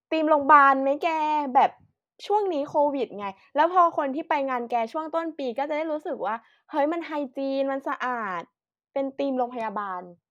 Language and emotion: Thai, happy